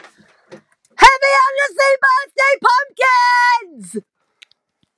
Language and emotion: English, neutral